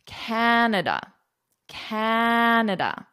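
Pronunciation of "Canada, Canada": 'Canada' is pronounced correctly here, and the final 'da' is short.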